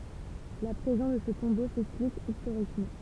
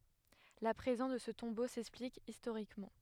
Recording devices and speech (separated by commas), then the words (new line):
temple vibration pickup, headset microphone, read sentence
La présence de ce tombeau s'explique historiquement.